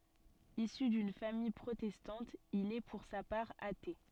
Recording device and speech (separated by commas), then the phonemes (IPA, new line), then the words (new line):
soft in-ear microphone, read sentence
isy dyn famij pʁotɛstɑ̃t il ɛ puʁ sa paʁ ate
Issu d'une famille protestante, il est pour sa part athée.